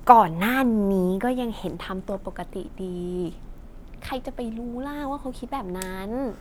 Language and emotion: Thai, frustrated